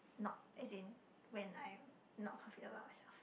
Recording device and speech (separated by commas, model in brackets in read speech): boundary microphone, conversation in the same room